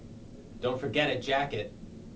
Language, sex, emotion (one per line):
English
male
neutral